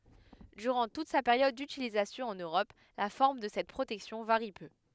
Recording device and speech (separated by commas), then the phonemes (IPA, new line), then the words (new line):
headset microphone, read sentence
dyʁɑ̃ tut sa peʁjɔd dytilizasjɔ̃ ɑ̃n øʁɔp la fɔʁm də sɛt pʁotɛksjɔ̃ vaʁi pø
Durant toute sa période d'utilisation en Europe, la forme de cette protection varie peu.